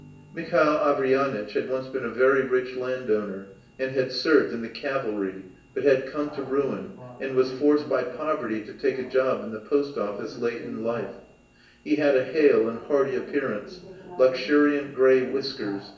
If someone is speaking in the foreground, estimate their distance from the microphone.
1.8 m.